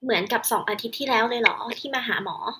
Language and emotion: Thai, neutral